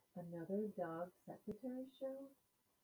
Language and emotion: English, surprised